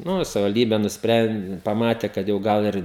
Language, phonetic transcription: Lithuanian, ˈnu i savivalˈdybe nusˈpren paˈmate ˈkad jau ˈgal ir

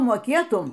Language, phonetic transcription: Lithuanian, moˈkėtum

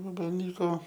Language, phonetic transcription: Lithuanian, vabalˈnyko

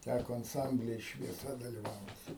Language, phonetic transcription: Lithuanian, ˈtæko anˈsambly ir švieˈsa daliˈvaut'

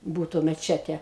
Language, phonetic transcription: Lithuanian, ˈbūtu meˈčete

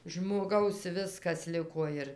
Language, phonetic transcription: Lithuanian, žmoˈgaus ˈviskas ˈliko ir

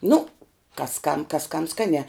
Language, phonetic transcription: Lithuanian, nu kas kam kas kam ˈskaniā

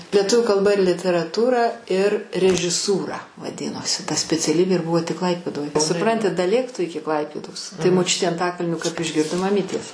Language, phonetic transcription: Lithuanian, lieˈtuviu kalˈba ir literaˈtūra ir režiˈsūra vaˈdinosi ta speciaˈlybė ir ˈbuvo tik ˈklaipėdoj suˈpranti daˈlėk tu ˈiki ˈklaipėdos tai moˈčiutė anˈtakalnio kap išˈgirdo maˈmytės

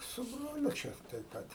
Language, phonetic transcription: Lithuanian, su ˈbroliu ˈčia tai ˈpat

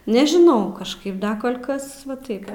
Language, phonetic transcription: Lithuanian, nežiˈnau kažˈkaip ˈda ˈkol' ˈkas va ˈtaip

